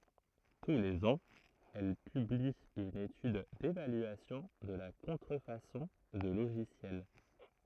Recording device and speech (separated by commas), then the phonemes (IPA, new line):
throat microphone, read sentence
tu lez ɑ̃z ɛl pybli yn etyd devalyasjɔ̃ də la kɔ̃tʁəfasɔ̃ də loʒisjɛl